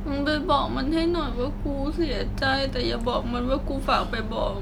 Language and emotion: Thai, sad